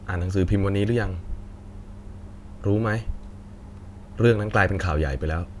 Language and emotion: Thai, frustrated